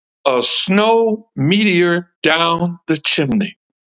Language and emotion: English, happy